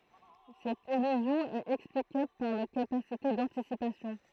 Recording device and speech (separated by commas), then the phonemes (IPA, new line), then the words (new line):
throat microphone, read sentence
sɛt ilyzjɔ̃ ɛt ɛksplikabl paʁ notʁ kapasite dɑ̃tisipasjɔ̃
Cette illusion est explicable par notre capacité d'anticipation.